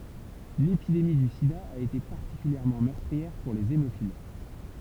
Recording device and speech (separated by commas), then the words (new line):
temple vibration pickup, read sentence
L'épidémie du sida a été particulièrement meurtrière pour les hémophiles.